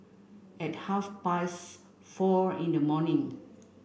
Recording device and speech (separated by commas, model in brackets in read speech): boundary microphone (BM630), read sentence